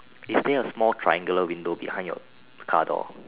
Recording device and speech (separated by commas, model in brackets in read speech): telephone, conversation in separate rooms